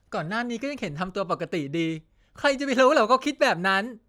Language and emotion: Thai, happy